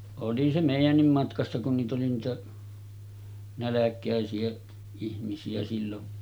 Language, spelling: Finnish, oli se meidänkin matkassa kun niitä oli niitä nälkäisiä ihmisiä silloin
- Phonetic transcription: oli se 'mèijännim matkassa kun niit ‿oli niitä , 'näläk̆kä̀esi₍ä ihmisi₍ä sillon .

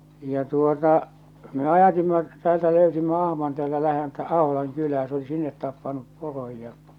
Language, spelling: Finnish, ja tuota me ajatimme täältä löysimme ahman täältä läheltä Aholan kylää se oli sinne tappanut poron ja
- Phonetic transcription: ja tuota , me 'ajatimma , 'täältä 'lö̀ysimmä 'ahman 'teäältä läheltä 'Aholaŋ 'kylää se oli 'sinnet 'tappanup 'poroj ja .

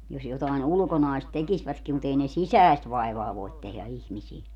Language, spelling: Finnish, jos jotakin ulkonaista tekisivätkin mutta ei ne sisäistä vaivaa voi tehdä ihmisille
- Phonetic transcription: jos jotàin "ulᵘkonaist 'tekisvätki mut ei ne "sisäest 'vaivaa voit tehlä 'ihmisil .

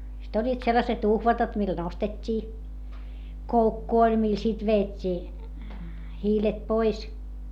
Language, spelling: Finnish, sitten olivat sellaiset uhvatat millä nostettiin koukku oli millä sitten vedettiin hiilet pois
- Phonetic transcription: sit ‿oĺĺiit sellaset ‿uhvatat mil nostet́t́ii , koukku oĺ mil sit veet́t́ii , hiilet pois .

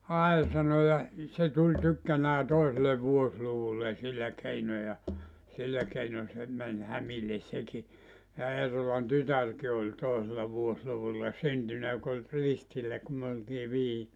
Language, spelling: Finnish, ai sanoi ja se tuli tykkänään toiselle vuosiluvulle sillä keinoin ja sillä keinoin se meni hämille sekin ja Eerolan tytärkin oli toisella vuosiluvulla syntynyt joka oli ristillä kun me oltiin vihillä
- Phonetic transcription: » "ai « 'sano ja , 'se tuĺ tykkänää 'toisele "vuosluvullen̬ sillä 'keino ja , 'sillä keino se 'män "hämilles 'seki , ja Eerolan "tytärki oĺ 'tòesella 'vuosluvulla "syntynä jok ‿oĺ , 'ristillä ku myö oltii 'vihi(llä) .

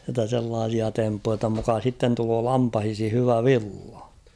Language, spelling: Finnish, jotta sellaisia temppuja jotta muka sitten tulee lampaisiin hyvä villa
- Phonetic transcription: jotta 'sellaasia 'temppuja jotta muka 'sitten tuloo 'lampahishi 'hyvä "villᴀ .

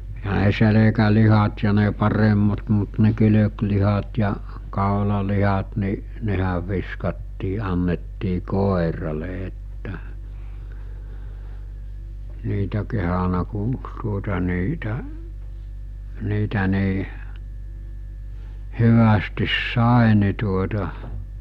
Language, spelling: Finnish, eihän ne selkälihat ja ne paremmat mutta ne kylkilihat ja kaulalihat niin nehän viskattiin annettiin koiralle että niitä kehdannut kun tuota niitä niitä niin hyvästi sai niin tuota
- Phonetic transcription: Eɦä ne 'selekälihat ja ne 'paremmat mut ne 'kylöklihat ja , 'kàolalihat ni , 'nehäv viskattii annettii 'kòerale että , 'niitä kehana ku , tuota niitä , 'niitä ni̬i̬ , 'hyvästis 'sàe ni tuota ,.

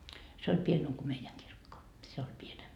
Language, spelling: Finnish, se oli pienempi kuin meidän kirkko se oli pienempi
- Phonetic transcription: se oĺ 'pienem ko 'meijäŋ kirkko , 'se oĺ 'pienem .

